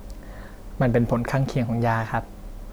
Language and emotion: Thai, neutral